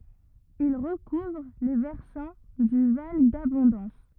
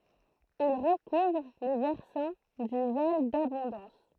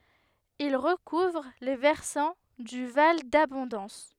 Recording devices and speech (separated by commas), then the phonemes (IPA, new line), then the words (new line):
rigid in-ear microphone, throat microphone, headset microphone, read sentence
il ʁəkuvʁ le vɛʁsɑ̃ dy val dabɔ̃dɑ̃s
Il recouvre les versants du val d'Abondance.